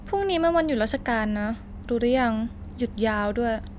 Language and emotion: Thai, neutral